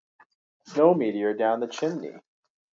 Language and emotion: English, sad